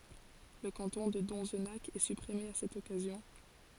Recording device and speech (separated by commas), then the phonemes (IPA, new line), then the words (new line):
forehead accelerometer, read sentence
lə kɑ̃tɔ̃ də dɔ̃znak ɛ sypʁime a sɛt ɔkazjɔ̃
Le canton de Donzenac est supprimé à cette occasion.